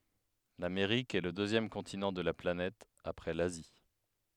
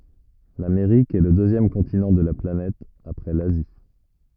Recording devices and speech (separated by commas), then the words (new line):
headset microphone, rigid in-ear microphone, read sentence
L'Amérique est le deuxième continent de la planète après l'Asie.